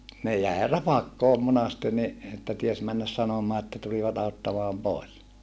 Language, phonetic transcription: Finnish, ne jäe rapakkoom monaste ni , että ties männäs sanomaa että tulivat auttamaam pòes .
- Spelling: ne jäi rapakkoon monasti niin että tiesi mennä sanomaan että tulivat auttamaan pois

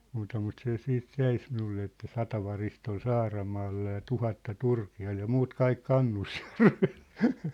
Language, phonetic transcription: Finnish, muuta mut 'se 'siit 'jäi ‿s- minulle että » "sata varist ‿ol "Saaramaalla ja "tuhatta "Turki₍al ja "muut "kaik "Kannus'järvᴇʟ . «
- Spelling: muuta mutta se sitten jäi - minulle että sata varista oli Saaramaalla ja tuhatta Turkialla ja muut kaikki Kannusjärvellä

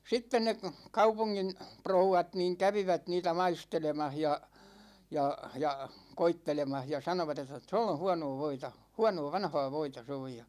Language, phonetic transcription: Finnish, 'sitten ne , 'kaupuŋŋin , 'prouwat niiŋ "kävivät niitä "maistelemah ja , 'ja , 'ja , "koittelemah ja 'sanovat ‿et̆tä , » 'to̰ll ‿o̰ "hṵa̰no̰o̰ 'voita , "huanoo "vanhaa 'voita se oj « ja .
- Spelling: sitten ne kaupungin rouvat niin kävivät niitä maistelemassa ja ja ja koettelemassa ja sanoivat että tuolla on huonoa voita huonoa vanhaa voita se on ja

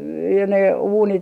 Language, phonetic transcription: Finnish, ja ne 'uunit , .
- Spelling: ja ne uunit

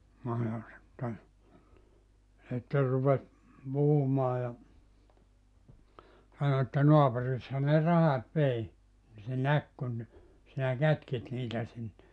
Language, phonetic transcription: Finnish, no ja sitte , 'sitter rupes , 'puhumaa ja , 'sano että » 'noapurisha ne "rahat 'vei , ni se "näk kun , sinä 'kätkit 'niitä sinne .
- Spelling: no ja sitten sitten rupesi puhumaan ja sanoi että naapurisihan ne rahat vei niin se näki kun sinä kätkit niitä sinne

